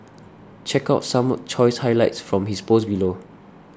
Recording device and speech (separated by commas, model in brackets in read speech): standing microphone (AKG C214), read sentence